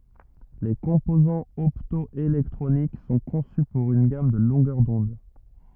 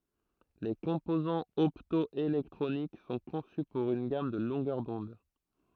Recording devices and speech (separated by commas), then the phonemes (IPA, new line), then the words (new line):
rigid in-ear microphone, throat microphone, read sentence
le kɔ̃pozɑ̃z ɔptɔelɛktʁonik sɔ̃ kɔ̃sy puʁ yn ɡam də lɔ̃ɡœʁ dɔ̃d
Les composants opto-électroniques sont conçus pour une gamme de longueurs d'onde.